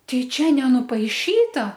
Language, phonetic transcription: Lithuanian, ˈtai ˈčia nenupaiˈšyta

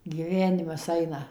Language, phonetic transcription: Lithuanian, gyˈvenimas ˈaina

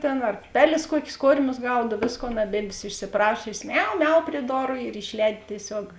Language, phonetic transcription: Lithuanian, ˈtėn ar ˈpeˌlės ˈkuokės ˈkormius ˈgaud ˈvėsˌkon aˈbėdvės išsiˈprašiosės ˈmiau ˈmiau prie ˈdoru ir išˈlēdi tieˈsiog

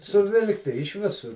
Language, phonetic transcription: Lithuanian, suˈvilkti iš ˈvisur

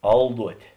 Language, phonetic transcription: Lithuanian, ˈalduotė

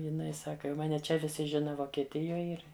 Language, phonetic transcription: Lithuanian, jiˈnai ˈsaka jau ˈmane ˈčia viˈsi ˈžina vokeˈtijoj ˈir

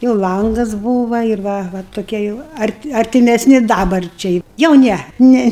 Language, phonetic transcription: Lithuanian, jau ˈlangas ˈbūva ir ˈva va toˈkie jau ˈarti artimesˈni ˈdabarčiai jau ˈne ˈne

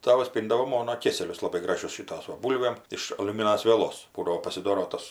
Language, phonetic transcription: Lithuanian, ˈtavas ˈpyndavo ˈmono ˈkėselius laˈbai ˈgražius ˈšytos ˈva ˈbūlvėm iš aliuˈminas vieˈlos ˈbūdavo pasiˈdoro ˈtos

